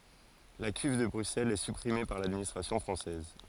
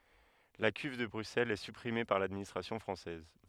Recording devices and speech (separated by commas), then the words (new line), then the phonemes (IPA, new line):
forehead accelerometer, headset microphone, read sentence
La Cuve de Bruxelles est supprimée par l'administration française.
la kyv də bʁyksɛlz ɛ sypʁime paʁ ladministʁasjɔ̃ fʁɑ̃sɛz